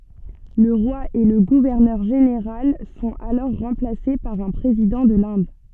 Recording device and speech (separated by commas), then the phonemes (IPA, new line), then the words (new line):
soft in-ear microphone, read sentence
lə ʁwa e lə ɡuvɛʁnœʁ ʒeneʁal sɔ̃t alɔʁ ʁɑ̃plase paʁ œ̃ pʁezidɑ̃ də lɛ̃d
Le roi et le gouverneur général sont alors remplacés par un président de l'Inde.